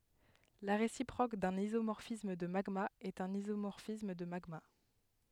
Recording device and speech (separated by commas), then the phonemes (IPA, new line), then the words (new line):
headset microphone, read sentence
la ʁesipʁok dœ̃n izomɔʁfism də maɡmaz ɛt œ̃n izomɔʁfism də maɡma
La réciproque d'un isomorphisme de magmas est un isomorphisme de magmas.